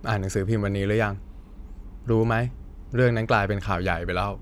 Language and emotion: Thai, frustrated